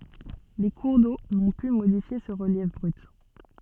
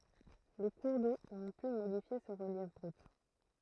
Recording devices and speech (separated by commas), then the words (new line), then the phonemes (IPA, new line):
soft in-ear microphone, throat microphone, read sentence
Les cours d'eau n'ont pu modifier ce relief brut.
le kuʁ do nɔ̃ py modifje sə ʁəljɛf bʁyt